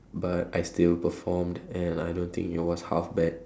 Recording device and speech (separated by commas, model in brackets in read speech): standing microphone, conversation in separate rooms